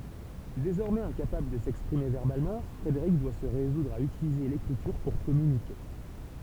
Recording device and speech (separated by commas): temple vibration pickup, read sentence